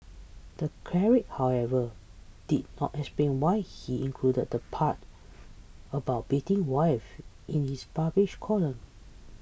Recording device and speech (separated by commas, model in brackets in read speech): boundary microphone (BM630), read sentence